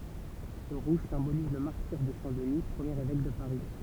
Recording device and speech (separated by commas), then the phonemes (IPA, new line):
temple vibration pickup, read sentence
sə ʁuʒ sɛ̃boliz lə maʁtiʁ də sɛ̃ dəni pʁəmjeʁ evɛk də paʁi